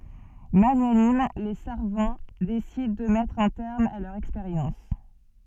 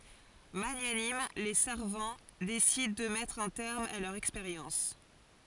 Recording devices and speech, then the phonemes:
soft in-ear microphone, forehead accelerometer, read sentence
maɲanim le saʁvɑ̃ desidɑ̃ də mɛtʁ œ̃ tɛʁm a lœʁz ɛkspeʁjɑ̃s

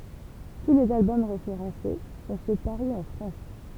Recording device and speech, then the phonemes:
temple vibration pickup, read sentence
tu lez albɔm ʁefeʁɑ̃se sɔ̃ sø paʁy ɑ̃ fʁɑ̃s

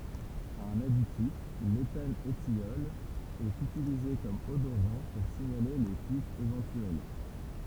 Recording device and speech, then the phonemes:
temple vibration pickup, read sentence
œ̃n aditif letanətjɔl ɛt ytilize kɔm odoʁɑ̃ puʁ siɲale le fyitz evɑ̃tyɛl

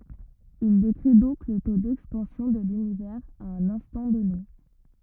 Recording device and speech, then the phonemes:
rigid in-ear microphone, read sentence
il dekʁi dɔ̃k lə to dɛkspɑ̃sjɔ̃ də lynivɛʁz a œ̃n ɛ̃stɑ̃ dɔne

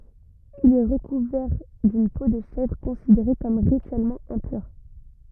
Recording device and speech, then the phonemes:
rigid in-ear microphone, read sentence
il ɛ ʁəkuvɛʁ dyn po də ʃɛvʁ kɔ̃sideʁe kɔm ʁityɛlmɑ̃ ɛ̃pyʁ

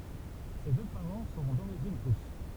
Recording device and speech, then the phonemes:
temple vibration pickup, read sentence
se dø paʁɑ̃ sɔ̃ doʁiʒin ʁys

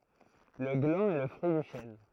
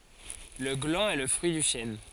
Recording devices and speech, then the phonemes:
throat microphone, forehead accelerometer, read sentence
lə ɡlɑ̃ ɛ lə fʁyi dy ʃɛn

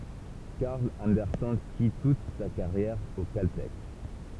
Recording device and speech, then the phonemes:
temple vibration pickup, read sentence
kaʁl ɑ̃dɛʁsɛn fi tut sa kaʁjɛʁ o kaltɛk

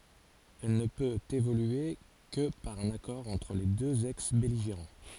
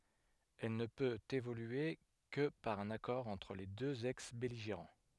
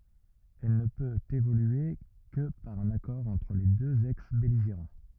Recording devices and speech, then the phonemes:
forehead accelerometer, headset microphone, rigid in-ear microphone, read sentence
ɛl nə pøt evolye kə paʁ œ̃n akɔʁ ɑ̃tʁ le døz ɛksbɛliʒeʁɑ̃

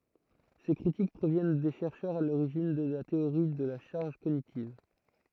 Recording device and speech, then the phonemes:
throat microphone, read sentence
se kʁitik pʁovjɛn de ʃɛʁʃœʁz a loʁiʒin də la teoʁi də la ʃaʁʒ koɲitiv

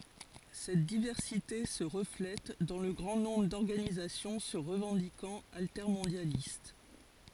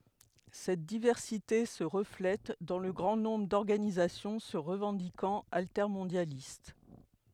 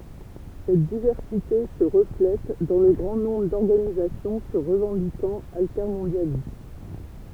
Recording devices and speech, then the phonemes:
forehead accelerometer, headset microphone, temple vibration pickup, read sentence
sɛt divɛʁsite sə ʁəflɛt dɑ̃ lə ɡʁɑ̃ nɔ̃bʁ dɔʁɡanizasjɔ̃ sə ʁəvɑ̃dikɑ̃t altɛʁmɔ̃djalist

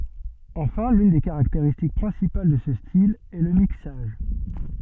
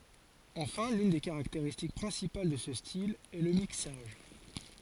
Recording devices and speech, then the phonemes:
soft in-ear microphone, forehead accelerometer, read sentence
ɑ̃fɛ̃ lyn de kaʁakteʁistik pʁɛ̃sipal də sə stil ɛ lə miksaʒ

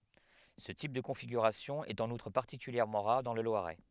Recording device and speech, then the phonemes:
headset microphone, read sentence
sə tip də kɔ̃fiɡyʁasjɔ̃ ɛt ɑ̃n utʁ paʁtikyljɛʁmɑ̃ ʁaʁ dɑ̃ lə lwaʁɛ

